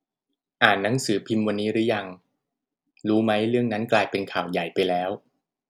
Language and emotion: Thai, neutral